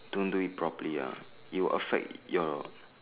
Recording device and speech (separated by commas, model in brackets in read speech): telephone, conversation in separate rooms